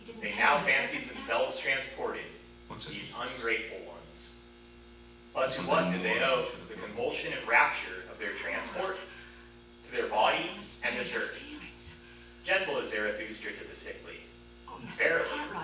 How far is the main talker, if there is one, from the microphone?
9.8 m.